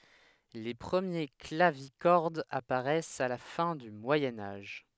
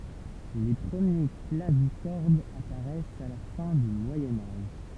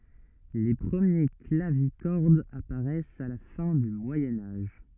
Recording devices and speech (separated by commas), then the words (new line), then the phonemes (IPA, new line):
headset microphone, temple vibration pickup, rigid in-ear microphone, read sentence
Les premiers clavicordes apparaissent à la fin du Moyen Âge.
le pʁəmje klavikɔʁdz apaʁɛst a la fɛ̃ dy mwajɛ̃ aʒ